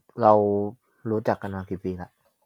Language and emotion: Thai, neutral